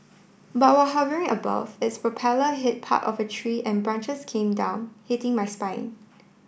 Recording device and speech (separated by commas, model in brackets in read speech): boundary microphone (BM630), read sentence